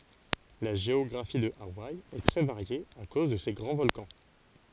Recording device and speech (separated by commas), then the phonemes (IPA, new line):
forehead accelerometer, read sentence
la ʒeɔɡʁafi də awaj ɛ tʁɛ vaʁje a koz də se ɡʁɑ̃ vɔlkɑ̃